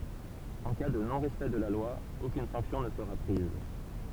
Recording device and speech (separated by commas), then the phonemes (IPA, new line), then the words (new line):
temple vibration pickup, read sentence
ɑ̃ ka də nɔ̃ ʁɛspɛkt də la lwa okyn sɑ̃ksjɔ̃ nə səʁa pʁiz
En cas de non-respect de la loi, aucune sanction ne sera prise.